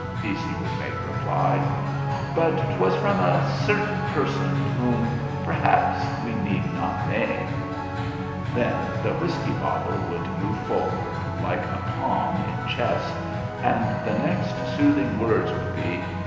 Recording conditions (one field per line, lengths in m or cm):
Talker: one person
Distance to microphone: 1.7 m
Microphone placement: close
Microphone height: 1.0 m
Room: very reverberant, large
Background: music